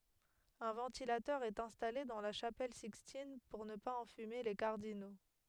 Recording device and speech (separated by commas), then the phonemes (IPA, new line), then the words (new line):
headset microphone, read sentence
œ̃ vɑ̃tilatœʁ ɛt ɛ̃stale dɑ̃ la ʃapɛl sikstin puʁ nə paz ɑ̃fyme le kaʁdino
Un ventilateur est installé dans la chapelle Sixtine pour ne pas enfumer les cardinaux.